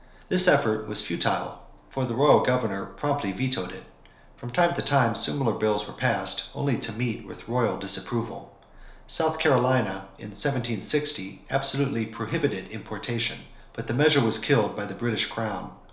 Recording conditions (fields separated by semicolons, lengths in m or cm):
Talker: one person; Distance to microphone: 1.0 m; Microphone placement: close; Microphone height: 1.1 m; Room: small (3.7 m by 2.7 m); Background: none